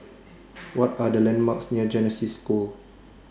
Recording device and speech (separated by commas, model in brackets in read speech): standing microphone (AKG C214), read sentence